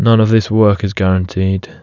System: none